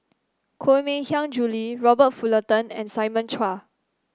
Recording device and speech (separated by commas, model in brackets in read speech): standing microphone (AKG C214), read sentence